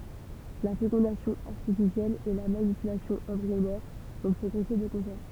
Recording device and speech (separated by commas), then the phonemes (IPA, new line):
temple vibration pickup, read sentence
la fekɔ̃dasjɔ̃ aʁtifisjɛl e la manipylasjɔ̃ ɑ̃bʁiɔnɛʁ ɔ̃ pʁɔɡʁɛse də kɔ̃sɛʁ